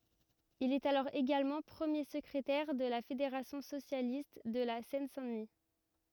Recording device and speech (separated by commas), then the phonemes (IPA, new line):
rigid in-ear microphone, read sentence
il ɛt alɔʁ eɡalmɑ̃ pʁəmje səkʁetɛʁ də la fedeʁasjɔ̃ sosjalist də la sɛn sɛ̃ dəni